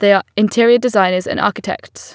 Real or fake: real